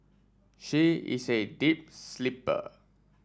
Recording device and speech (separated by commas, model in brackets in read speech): standing microphone (AKG C214), read sentence